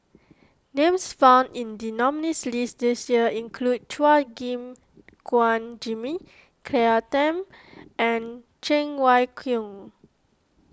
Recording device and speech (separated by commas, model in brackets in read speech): close-talking microphone (WH20), read sentence